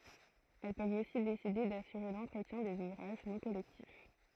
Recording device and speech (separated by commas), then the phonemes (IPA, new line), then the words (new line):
throat microphone, read sentence
ɛl pøvt osi deside dasyʁe lɑ̃tʁətjɛ̃ dez uvʁaʒ nɔ̃ kɔlɛktif
Elles peuvent aussi décider d'assurer l’entretien des ouvrages non collectifs.